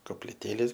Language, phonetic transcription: Lithuanian, kopliˈtėlės

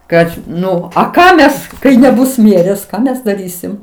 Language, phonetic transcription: Lithuanian, ˈkad ˈnu a ˈką ˈmes kai neˈbus ˈmierės ˈką mes daˈrysim

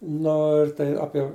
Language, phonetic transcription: Lithuanian, ˈno ir tai ˈapie

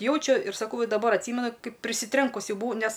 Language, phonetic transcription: Lithuanian, ˈjaučiu ir saˈkau daˈbar atˈsymenu ˈkaip prisiˈtrenkus ˈjau buˈvau ˈnes

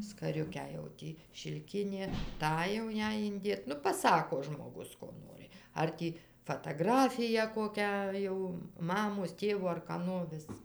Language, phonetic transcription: Lithuanian, skaˈriukę jau ˈtį šilˈkinė ˈtą jau ˈjai inˈdėt ˈnu paˈsako žmoˈgus ˈko ˈnori ˈar tį fataˈgrafiją koˈkią jau ˈmamos ˈtėvo ar kaˈno vis

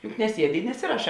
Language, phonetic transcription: Lithuanian, juk neˈsiedi i neˈsiraˌšā

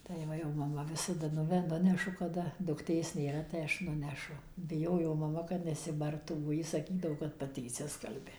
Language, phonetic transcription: Lithuanian, tai ˈva jau maˈma ˈvisada ˈnuve ˈnunešu kaˈda dukˈtės nėˈra tai ˈaš ˈnunešu biˈjojo maˈma kad nesiˈbartų bo ˈji saˈkydavo kad paˈti išˈsiskalbia

